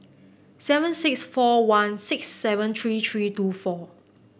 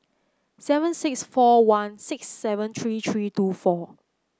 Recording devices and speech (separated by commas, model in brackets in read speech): boundary microphone (BM630), close-talking microphone (WH30), read sentence